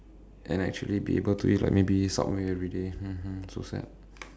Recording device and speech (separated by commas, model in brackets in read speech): standing microphone, conversation in separate rooms